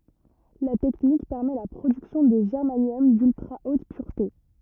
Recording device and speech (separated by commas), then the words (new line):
rigid in-ear microphone, read sentence
La technique permet la production de germanium d'ultra-haute pureté.